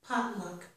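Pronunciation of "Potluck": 'Potluck' is stressed only on the first syllable.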